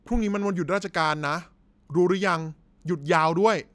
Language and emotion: Thai, angry